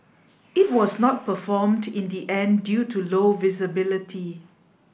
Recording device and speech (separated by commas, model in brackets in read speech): boundary microphone (BM630), read sentence